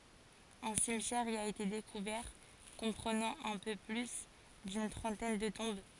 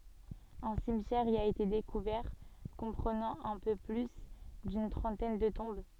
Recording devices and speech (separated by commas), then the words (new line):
forehead accelerometer, soft in-ear microphone, read sentence
Un cimetière y a été découvert, comprenant un peu plus d'une trentaine de tombes.